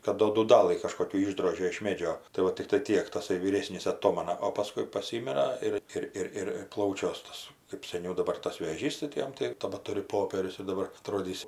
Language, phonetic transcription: Lithuanian, kad ˈdo dūˈdalɨ kažkoˈkių ˈišdrožė iš ˈmėdžio tai ˈva tikˈtai ˈtiek taˈsai vyˈrėsnys aˈtomana o paˈskui paˈsymira ˈir ˈir ˈir ˈir ˈplaučiuos ˈtas kɜp seˈniau daˈbar tas vėˈžys tai ti ˈjam tai tabaˈturiu ˈpopierius ir daˈbar aˈtrodįs

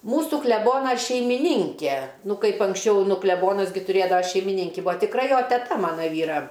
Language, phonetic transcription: Lithuanian, ˈmūsu kleˈbona šeimiˈninke ˈnu ˈkaip anksˈčiau ˈnu kleˈbonas ˈgi tuˈrėdava šeimiˈninki ˈbua tikˈra ˈjo teˈta ˈmana ˈvyra

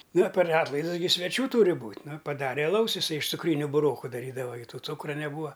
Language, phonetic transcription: Lithuanian, ˈna per ˈatlaidus sveˈčių ˈtūri ˈbūt' ˈnu paˈdare aˈlaus iˈsai iš cuˈkryniu buˈroku daˈrydava gi ˈtų ˈcūkra neˈbūva

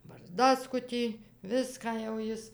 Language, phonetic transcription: Lithuanian, barˈzdaskutį ˈviską jau ˈjis

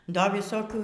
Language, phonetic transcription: Lithuanian, ˈda viˈsokių

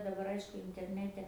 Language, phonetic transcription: Lithuanian, daˈbar ˈaišku interˈnete

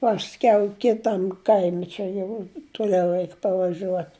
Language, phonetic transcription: Lithuanian, ˈpaskiau ˈkitam ˈkaimi ˈčia jau tuˈliau ˈreik pavaˈžiuot

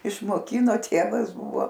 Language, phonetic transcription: Lithuanian, išmoˈkino ˈtėvas ˈbuvo

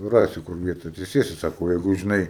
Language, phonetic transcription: Lithuanian, ˈrasi ˈkur ˈvieta atsiˈsėsi ˈsako ˈjegu žiˈnai

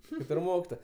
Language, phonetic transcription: Lithuanian, ˈkaip ir ˈmokitoja

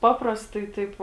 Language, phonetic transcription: Lithuanian, ˈpaprastai ˈtaip

